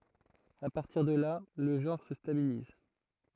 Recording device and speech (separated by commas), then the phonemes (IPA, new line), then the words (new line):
throat microphone, read sentence
a paʁtiʁ də la lə ʒɑ̃ʁ sə stabiliz
À partir de là, le genre se stabilise.